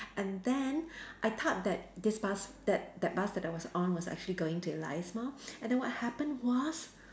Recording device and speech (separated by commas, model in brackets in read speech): standing microphone, conversation in separate rooms